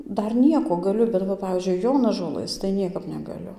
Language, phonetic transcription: Lithuanian, ˈdar ˈnieko gaˈliu bet va ˈpavyzdžiui ˈjonažolɘs tai ˈniekap negaˈliu

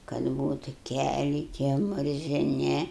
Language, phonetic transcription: Lithuanian, kad ˈbūtu ˈkæliai tie murziˈni

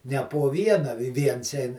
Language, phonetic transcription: Lithuanian, ne po ˈviena vi ˈviens ˈein

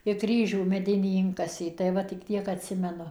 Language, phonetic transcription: Lithuanian, i ˈkryžių meˈdinį ˈinkasė tai ˈva tik ˈtiek atˈsimenu

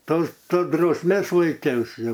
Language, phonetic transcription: Lithuanian, ˈtos ˈto drausˈmės laiˈkiausi jau

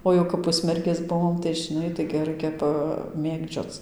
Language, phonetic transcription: Lithuanian, o ˈjau kap ˈpusmergės ˈbuvom tai žiˈnai taigi ˈraikia paˈmėgdžioc

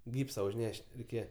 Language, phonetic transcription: Lithuanian, ˈgypsa užˈneš't' reiˈkėje

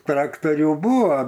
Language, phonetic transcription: Lithuanian, ˈtraktorių ˈbūvo

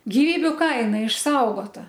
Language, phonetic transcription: Lithuanian, giˈvybiu ˈkaina išˈsaugota

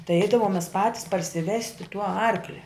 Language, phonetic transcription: Lithuanian, tai ˈeidavom mes ˈpatis parsiˈvesti tų ˈarklia

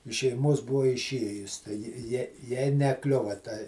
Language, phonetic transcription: Lithuanian, iš šeiˈmuos ˈbua iˈšiejus tai ˈji ˈjie ˈjai neˈkliuva ta

